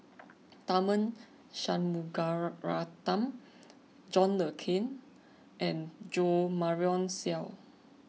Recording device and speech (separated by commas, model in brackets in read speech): mobile phone (iPhone 6), read sentence